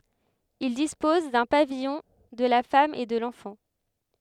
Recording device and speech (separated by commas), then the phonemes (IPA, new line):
headset microphone, read sentence
il dispɔz dœ̃ pavijɔ̃ də la fam e də lɑ̃fɑ̃